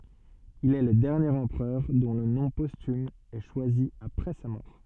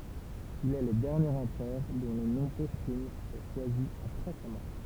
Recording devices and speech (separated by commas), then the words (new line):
soft in-ear microphone, temple vibration pickup, read sentence
Il est le dernier empereur dont le nom posthume est choisi après sa mort.